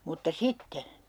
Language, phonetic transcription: Finnish, mutta "sitte !
- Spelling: mutta sitten

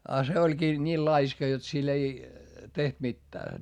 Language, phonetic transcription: Finnish, a se oĺkii , ńiil laiska jot sil ‿ei , teht mittää .
- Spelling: ja se olikin niin laiska jotta sillä ei tehty mitään

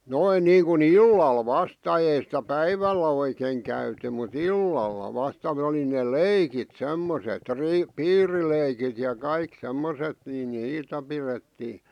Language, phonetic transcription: Finnish, 'noin 'niiŋku"n ‿illal 'vasta ei sⁱtä "päivällä oikèⁱŋ käyty mu"t ‿illalla vasta (ne) oli ne "leikit 'semmoset ri- , "piirileikit ja 'kaik 'semmoset nii "niitä pirettii .
- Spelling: noin niin kuin illalla vasta ei sitä päivällä oikein käyty mutta illalla vasta ne oli ne leikit semmoiset - piirileikit ja kaikki semmoiset niin niitä pidettiin

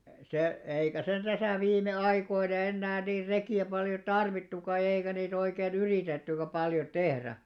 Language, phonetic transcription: Finnish, e+- 'se , 'eikä̀ sen 'ᴅäsä̀ 'viime₍"aikoina 'ennää niir "reki₍ä paljo "tarvittuka ʲᵃ eikä 'niit ‿oikee"n ‿yrìtettykä paljo 'tehrä .
- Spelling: - se eikä sen tässä viime aikoina enää niin rekiä paljon tarvittukaan ja eikä niitä oikein yritettykään paljon tehdä

